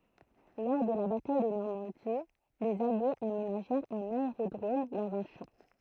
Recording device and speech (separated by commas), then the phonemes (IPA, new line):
throat microphone, read sentence
lɔʁ də la bataj də nɔʁmɑ̃di lez aljez amenaʒɛʁt œ̃n aeʁodʁom dɑ̃z œ̃ ʃɑ̃